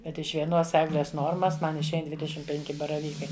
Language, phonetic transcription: Lithuanian, ˈkad iš vieˈnos ˈegles ˈnormas ˈman išˈein dvideˈšim penˈki baraˈvykai

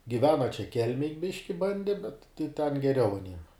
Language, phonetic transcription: Lithuanian, giˈvena čia ˈkelmėj ˈbiški ˈbande bet tai ten geˈriau aˈniem

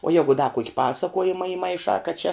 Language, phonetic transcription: Lithuanian, o ˈjegu da kuok' ˈpasakuojima imaiˈšā kad čia

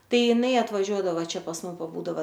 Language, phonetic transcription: Lithuanian, ˈtai jiˈnai atvaˈžiuodavo ˈčia pas ˈmum paˈbūdava

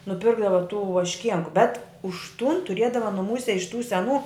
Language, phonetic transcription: Lithuanian, nuˈpirkdava tų vašˈkienku bet už tun tuˈriedava nuˈmūse iš tų seˈnų

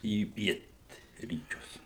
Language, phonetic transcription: Lithuanian, į ˈpietryčius

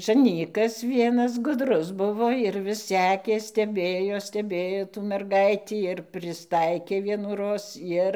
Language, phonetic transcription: Lithuanian, žaˈnykas ˈvienas guˈdrus ˈbuvo ir vis ˈsekė steˈbėjo steˈbėjo tų merˈgaitį ir prisˈtaikė vienųˈroz ˈjir

